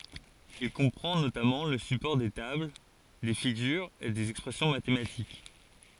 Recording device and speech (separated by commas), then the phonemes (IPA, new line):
forehead accelerometer, read sentence
il kɔ̃pʁɑ̃ notamɑ̃ lə sypɔʁ de tabl de fiɡyʁz e dez ɛkspʁɛsjɔ̃ matematik